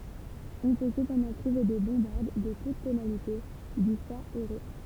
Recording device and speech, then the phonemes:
temple vibration pickup, read sentence
ɔ̃ pø səpɑ̃dɑ̃ tʁuve de bɔ̃baʁd də tut tonalite dy fa o ʁe

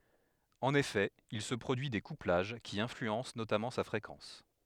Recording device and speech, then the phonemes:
headset microphone, read sentence
ɑ̃n efɛ il sə pʁodyi de kuplaʒ ki ɛ̃flyɑ̃s notamɑ̃ sa fʁekɑ̃s

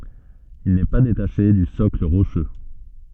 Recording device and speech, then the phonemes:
soft in-ear microphone, read sentence
il nɛ pa detaʃe dy sɔkl ʁoʃø

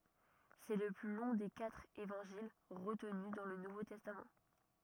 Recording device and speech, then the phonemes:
rigid in-ear microphone, read sentence
sɛ lə ply lɔ̃ de katʁ evɑ̃ʒil ʁətny dɑ̃ lə nuvo tɛstam

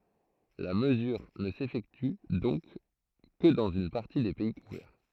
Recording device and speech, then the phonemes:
throat microphone, read sentence
la məzyʁ nə sefɛkty dɔ̃k kə dɑ̃z yn paʁti de pɛi kuvɛʁ

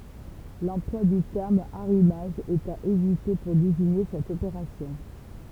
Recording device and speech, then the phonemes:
temple vibration pickup, read sentence
lɑ̃plwa dy tɛʁm aʁimaʒ ɛt a evite puʁ deziɲe sɛt opeʁasjɔ̃

